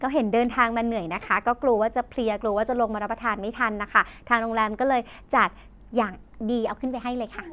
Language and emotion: Thai, happy